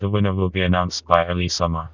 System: TTS, vocoder